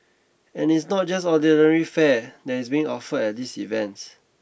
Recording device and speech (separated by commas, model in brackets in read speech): boundary microphone (BM630), read sentence